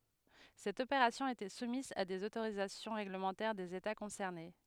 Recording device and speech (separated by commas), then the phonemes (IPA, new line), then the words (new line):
headset microphone, read sentence
sɛt opeʁasjɔ̃ etɛ sumiz a dez otoʁizasjɔ̃ ʁeɡləmɑ̃tɛʁ dez eta kɔ̃sɛʁne
Cette opération était soumise à des autorisations réglementaires des États concernés.